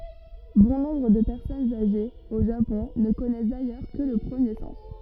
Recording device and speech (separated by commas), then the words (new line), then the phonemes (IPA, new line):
rigid in-ear microphone, read sentence
Bon nombre de personnes âgées, au Japon, ne connaissent d'ailleurs que le premier sens.
bɔ̃ nɔ̃bʁ də pɛʁsɔnz aʒez o ʒapɔ̃ nə kɔnɛs dajœʁ kə lə pʁəmje sɑ̃s